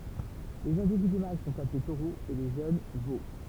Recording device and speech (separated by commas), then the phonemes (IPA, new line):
temple vibration pickup, read sentence
lez ɛ̃dividy mal sɔ̃t aple toʁoz e le ʒøn vo